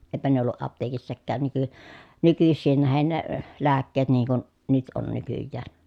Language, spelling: Finnish, eipä ne ollut apteekissakaan - nykyisiin nähden ne lääkkeet niin kuin nyt on nykyään
- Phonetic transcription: eⁱpä ne olluʼ ʼapteekissäkään nyky- , nykyssiin nähen ne , lääkkeet niiŋ kun , nyt on nykyjjään .

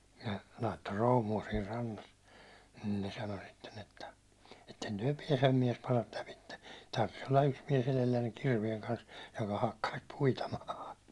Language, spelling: Finnish, ne laittoi proomua siinä rannassa niin ne sanoi sitten että ette te pääse miesparat lävitse tarvitsisi olla yksi mies edellänne kirveen kanssa joka hakkaisi puita maahan
- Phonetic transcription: nə , laitto "roomu₍a siir 'rannas , nin ne 'sano sitten 'että » 'etten tyäₒ 'piɛsem 'miɛsparat 'läpitte , tarvis 'olla 'yks miɛs 'elellänneŋ 'kirvieŋ kans , joka hakkais 'puita 'maaha « .

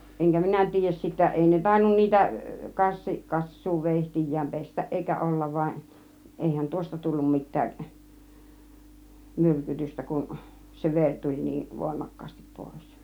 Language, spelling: Finnish, enkä minä tiedä sitten ei ne tainnut niitä - - kassuuveitsiään pestä eikä olla vain eihän tuosta tullut mitään myrkytystä kun se veri tuli niin voimakkaasti pois
- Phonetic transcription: eŋkä 'minä 'tiij̆jäs sittä , 'èi ne 'tainnun "niitä , "kassi- , "kas̀suu "vèihtij̆jääm 'pestäˀ ˀèikä "ollav vaaˀ , 'èihän 'tuosta 'tullum 'mit̆tääˀ , "myrkytystä kun , se "veŕ tuĺ 'nii , "vòimak̀kaastip 'pòis .

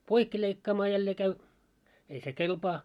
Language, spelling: Finnish, poikki leikkaamaan jälleen käy ei se kelpaa
- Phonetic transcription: 'poikki leikkaamaa 'jällee käy , ei se "kelpaa .

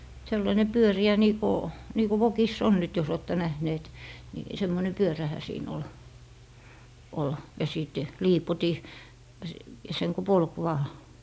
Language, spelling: Finnish, sellainen pyöreä niin kuin niin kuin vokissa on nyt jos olette nähneet niin semmoinen pyörähän siinä oli oli ja sitten liipotin - sen kun polki vain
- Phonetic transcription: sellaine "pyöri₍ä nii ‿ko nii ‿ku "vokiss ‿on 'nyt jos ‿'ootte 'nähneet , ni 'semmone "pyörähä siin ‿ol , ol , ja 's̀it "liipoti , s - seŋ ku polk vaa .

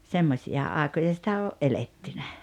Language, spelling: Finnish, semmoisia aikoja sitä on eletty
- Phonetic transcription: 'semmośi₍a 'àekoja sitä o’ "’elettynä .

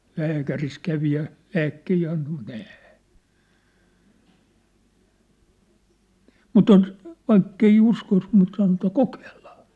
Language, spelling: Finnish, lääkärissä kävi ja lääkkeitä antoi mutta ei mutta onko vaikka ei uskoisi mutta sanoisi että kokeillaan
- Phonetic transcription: 'lääkäris 'kävi ja , 'lääkkehii anto mu't ‿ɛ̂ , 'mu't ‿oŋk , 'vaikkei 'uskos mut san[oisi] tä » "kokeeʟʟᴀᴀ .

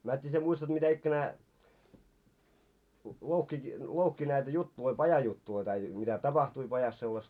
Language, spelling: Finnish, mene tiedä sinä muistat mitä ikänään louhki louhki näitä juttuja pajajuttuja tai mitä tapahtui pajassa sellaista
- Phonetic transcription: 'määt́t́ii sie muistat mitä₍'ikkänää , 'louhki , louhki näitä 'juttuloi 'pajajuttuloi tai , mitä 'tapahtui pajas sellasta .

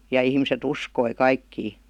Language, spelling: Finnish, ja ihmiset uskoi kaikkia
- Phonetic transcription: ja ihmise"t ‿uskoi 'kaikkii .

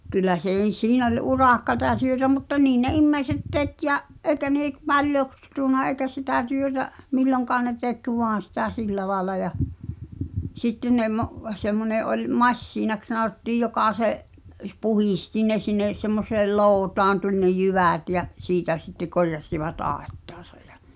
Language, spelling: Finnish, kyllä siinä oli urakkaa ja työtä mutta niin ne ihmiset teki ja eikä ne - - paljoksunut eikä sitä työtä milloinkaan ne teki vain sitä sillä lailla ja sitten ne - semmoinen oli masiinaksi sanottiin joka se - puhdisti ne sinne semmoiseen lootaan tuli ne jyvät ja siitä sitten korjasivat aittaansa ja
- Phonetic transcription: kyllä 'siin ‿oĺ "uràkkata ʿʲᵃʾ työtä mutta "niin ne 'immeiset 'tek ja’ , ’eikä nè k- "paljoks- , -sùna eikä sitä̀ työtä , 'milloŋkaan ne 'tek "voan̬ sitä 'sillä laela ja , 'sitten ne mo’- , 'semmone 'oĺ "massiinaks sanottiij 'jokà se’ , ˢ- , "puhisti ne sinne , semmoseel "looᵘtaan tuĺ ne 'jyvä̀t ja , 'siitä sittek 'korjas̳s̳ivat 'àettᴀᴀsᴀ ᴊᴀ .

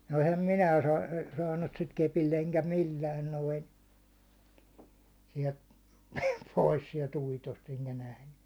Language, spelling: Finnish, no enhän minä - saanut sitä kepillä enkä millään noin sieltä pois sieltä uitosta enkä nähnyt
- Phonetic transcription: nᴏ ehäm 'minää saa- , saannut sit kepill ‿eŋkä 'millään noin̬ , siɛlt , 'pois siɛl"t ‿uitost eŋkä nähnʏ .

